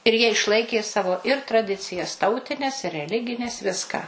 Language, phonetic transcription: Lithuanian, ir jie išˈlaikė ˈsavo ir traˈdicijas ˈtautines i reˈligines ˈviską

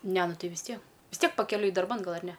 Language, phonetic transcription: Lithuanian, ˈne ˈnu ˈtai vis ˈtie vis ˈtiek pakeˈliui darˈban ˈgal ar ˈne

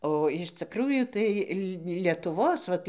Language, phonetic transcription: Lithuanian, o iš ciˈkrųjų ˈtai li lietuˈvos vat

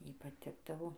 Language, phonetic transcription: Lithuanian, ˈjai paˈtikdavo

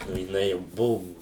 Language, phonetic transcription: Lithuanian, o jiˈnai jau ˈbuvu

